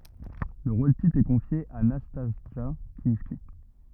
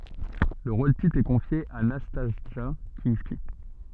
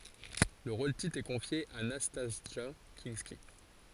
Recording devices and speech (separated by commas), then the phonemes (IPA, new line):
rigid in-ear microphone, soft in-ear microphone, forehead accelerometer, read sentence
lə ʁol titʁ ɛ kɔ̃fje a nastasʒa kɛ̃ski